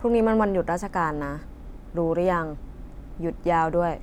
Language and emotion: Thai, neutral